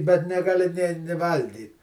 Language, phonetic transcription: Lithuanian, bet negaˈli nė ni ˈvalgyt

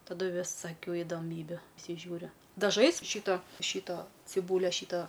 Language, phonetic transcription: Lithuanian, taˈdu visaˈkių idoˈmybių prisiˈžiūriu daˈžais ˈšyto ˈšyto ciˈbūlia ˈšyto

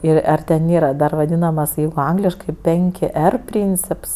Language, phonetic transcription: Lithuanian, ˈir ˈar ten ˈnėra dar ˈvadynamas ˈjeigu ˈangliškai ˈpenki ˈer ˈpryncips

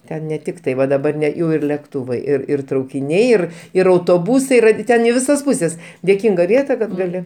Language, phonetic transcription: Lithuanian, ˈten ne ˈtik tai ˈva daˈbar ne ˈjau ir lekˈtūvai ir ir traukiˈniai ˈir ir autoˈbūsai yˈra ˈten i ˈvisas ˈpuses dėˈkinga ˈvieta ˈkad gaˈli

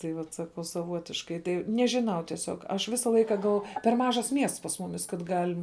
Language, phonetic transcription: Lithuanian, tai ˈvat saˈkau saˈvuotiškai ˈtai nežiˈnau tieˈsiog ˈaš ˈvisa ˈlaika gal per ˈmažas ˈmiests pas ˈmumis kad ˈgalim

